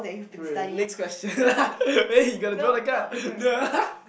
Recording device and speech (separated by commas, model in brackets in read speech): boundary microphone, conversation in the same room